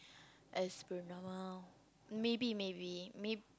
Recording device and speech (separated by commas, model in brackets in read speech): close-talking microphone, conversation in the same room